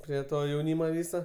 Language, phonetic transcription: Lithuanian, ˈprie ˈto jauˈnymo ˈvyso

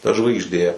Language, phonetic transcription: Lithuanian, ta žvaigžˈdė

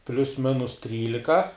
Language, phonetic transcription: Lithuanian, plius ˈminus ˈtrylika

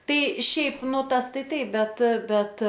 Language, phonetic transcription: Lithuanian, ˈtai ˈšiaip ˈnu ˈtas ˈtaiˈ taip ˈbet ˈbet

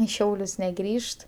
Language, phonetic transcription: Lithuanian, i ˈšiaulius neˈgrįžt

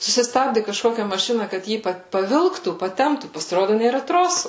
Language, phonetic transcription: Lithuanian, susiˈstabdi kažˈkokia maˈšina kad ˈjį pa paˈvilktų paˈtemptų pasiˈrodu nėˈra ˈtrosu

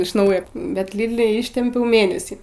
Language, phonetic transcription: Lithuanian, iš ˈnaujo bet ˈlydli ˈištimpiau ˈmėnesį

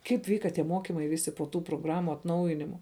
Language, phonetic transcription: Lithuanian, ˈkaip ˈvyka tie ˈmokimai ˈvisi po ˈtų proˈgramu atˈnaujinimu

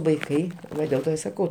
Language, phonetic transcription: Lithuanian, vaiˈkai ˈva dėl ˈto i saˈkau

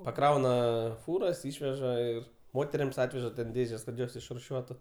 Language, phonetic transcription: Lithuanian, paˈkrauna ˈfūras ˈišveža ir ˈmoterims ˈatveža ten ˈdėžes kad ˈjos išruˈšiuotu

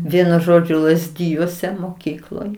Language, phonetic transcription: Lithuanian, ˈvienu ˈžodžiu lazˈdijuose moˈkykloj

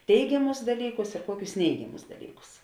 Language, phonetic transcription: Lithuanian, ˈteigiamus dalˈykus ir ˈkuokius ˈneigiamus daˈlykus

